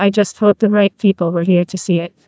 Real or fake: fake